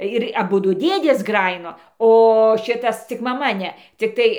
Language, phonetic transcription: Lithuanian, ir aˈbudu ˈdėdės ˈgrajino o ˈšitas cik maˈma ˈne cikˈtai

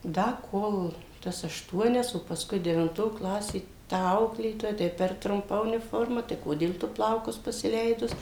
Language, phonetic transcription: Lithuanian, ˈda ˈkol ˈtas ašˈtuonias o paˈskui devinˈto ˈklasė ta ˈauklėtoja ˈtai per trumˈpa uniˈforma tai ˈkodėl ˈtu ˈplaukus pasiˈleidus

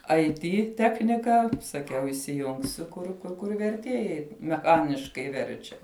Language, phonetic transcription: Lithuanian, ai ˈty ˈtechnika saˈkiau įsiˈjungsiu ˈkur kur kur verˈtiejai meˈchaniškai ˈverčia

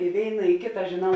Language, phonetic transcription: Lithuanian, i ˈvėina i ˈkėta žėˈnau

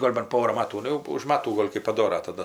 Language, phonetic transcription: Lithuanian, ˈgol' ban ˈpora ˈmatų ˈnu jau už ˈmatų ˈgol' kɜp paˈdora taˈda

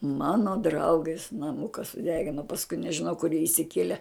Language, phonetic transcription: Lithuanian, ˈmano ˈdraugės naˈmuka suˈdegino pasˈkui nežiˈnau kur jie išsiˈkiele

